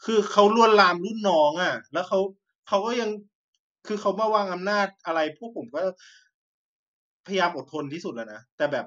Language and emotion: Thai, frustrated